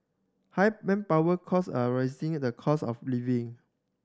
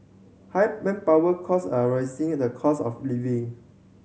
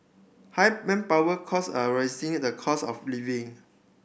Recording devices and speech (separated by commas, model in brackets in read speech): standing microphone (AKG C214), mobile phone (Samsung C7100), boundary microphone (BM630), read sentence